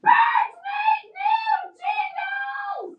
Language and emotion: English, neutral